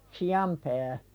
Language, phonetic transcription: Finnish, si₍am pää .
- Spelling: sian pää

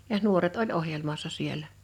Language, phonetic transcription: Finnish, 'jaʰ 'nuoret oĺ 'ohjelmassa 'siel̆lä .
- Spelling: ja nuoret oli ohjelmassa siellä

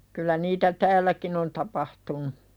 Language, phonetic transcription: Finnish, 'kyllä niitä "täälläkin ‿on 'tapahtunu .
- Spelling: kyllä niitä täälläkin on tapahtunut

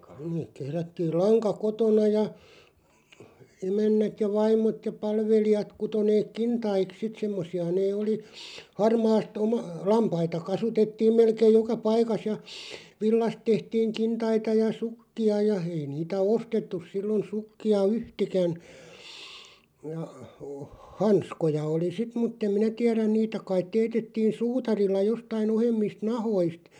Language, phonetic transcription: Finnish, (neek) 'kehrättiil 'laŋka "kotona ja , 'emännät ja 'vaim̆mot ja 'palvelijat 'kuto neek "kintaik 'sit 'semmos̆si₍a nee oli , 'harmaast ‿oma- , "lampaita 'kasutettiim 'melkeej 'joka "paikas ja , 'villast tehtiiŋ "kintaita ja "sukki₍a ja , 'ei niitä "ostettus 'sillon 'sukki₍a "yhtikän , ja , o , 'hanskoja oli "sit muttem "minä 'tiäräⁿ 'niitä kait 'teetettiin "suutarilla 'jostai'n ‿ohemmist "nahoist ,.
- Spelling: ne kehrättiin lanka kotona ja emännät ja vaimot ja palvelijat kutoi ne kintaiksi sitten semmoisia ne oli harmaasta - lampaita kasvatettiin melkein joka paikassa ja villasta tehtiin kintaita ja sukkia ja ei niitä ostettu silloin sukkia yhtään ja - hanskoja oli sitten mutta en minä tiedä niitä kai teetettiin suutarilla jostakin ohuemmista nahkoista

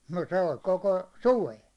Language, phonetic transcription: Finnish, no 'se ol "koko , "suven̬ .
- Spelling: no se oli koko suven

